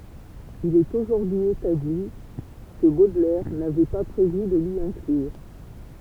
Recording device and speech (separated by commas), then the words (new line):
temple vibration pickup, read sentence
Il est aujourd'hui établi que Baudelaire n'avait pas prévu de l'y inclure.